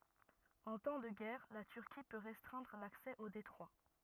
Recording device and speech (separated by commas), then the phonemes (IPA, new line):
rigid in-ear microphone, read sentence
ɑ̃ tɑ̃ də ɡɛʁ la tyʁki pø ʁɛstʁɛ̃dʁ laksɛ o detʁwa